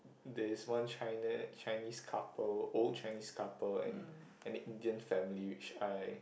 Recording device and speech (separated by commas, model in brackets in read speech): boundary microphone, conversation in the same room